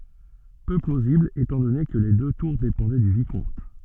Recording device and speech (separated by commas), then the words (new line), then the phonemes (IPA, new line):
soft in-ear microphone, read sentence
Peu plausible étant donné que les deux tours dépendaient du Vicomte.
pø plozibl etɑ̃ dɔne kə le dø tuʁ depɑ̃dɛ dy vikɔ̃t